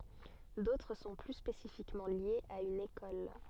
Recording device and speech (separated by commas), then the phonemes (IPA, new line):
soft in-ear microphone, read sentence
dotʁ sɔ̃ ply spesifikmɑ̃ ljez a yn ekɔl